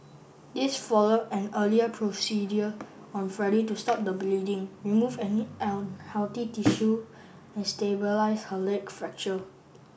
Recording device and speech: boundary microphone (BM630), read sentence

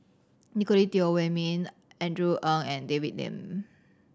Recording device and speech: standing microphone (AKG C214), read sentence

